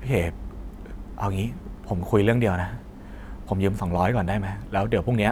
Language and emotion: Thai, frustrated